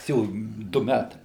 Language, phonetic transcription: Lithuanian, jis ˈjau ˈdu ˈmætai

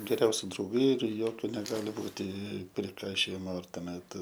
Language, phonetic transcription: Lithuanian, geˈriausi drauˈgai ir ˈjokiu neˈgali ˈbūti priˈkaišiojimo ir tuoˈmet

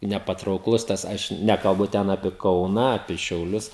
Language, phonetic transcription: Lithuanian, nepatraukˈlus ˈtas ˈaš ˈnekalbu ˈten apie ˈkauna apie šiauˈlius

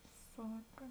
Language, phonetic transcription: Lithuanian, ˈsaka

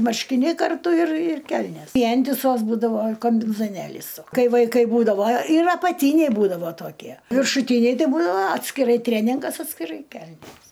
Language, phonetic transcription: Lithuanian, marškiˈniai karˈtu ir ir ˈkelnės ˈvientisos ˈbūdavo kambinzoˈnėlys ˈkai vaiˈkai ˈbūdavo ir apaˈtyniai ˈbūdavo toˈkie viršuˈtyniai ˈtai ˈbūdavo atskiˈrai ˈtrėningas atskiˈrai ˈkelnės

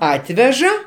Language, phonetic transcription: Lithuanian, ˈatveža

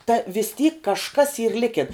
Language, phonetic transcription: Lithuanian, ta vis tyk kažˈkas yr ˈlikin

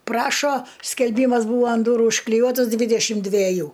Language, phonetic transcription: Lithuanian, ˈprašo skelˈbymas ˈbūva an ˈdūru užkliˈjuotas ˈdvydešim dveˈjų

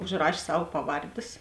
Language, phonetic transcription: Lithuanian, užˈraš' ˈsav ˈpaˌvardės

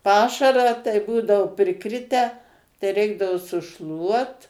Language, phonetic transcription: Lithuanian, ˈpašarą tai ˈbūdao priˈkritę tai ˈreikdavo suˈšluot

